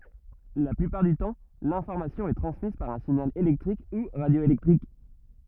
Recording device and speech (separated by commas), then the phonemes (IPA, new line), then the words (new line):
rigid in-ear microphone, read sentence
la plypaʁ dy tɑ̃ lɛ̃fɔʁmasjɔ̃ ɛ tʁɑ̃smiz paʁ œ̃ siɲal elɛktʁik u ʁadjoelɛktʁik
La plupart du temps, l'information est transmise par un signal électrique ou radioélectrique.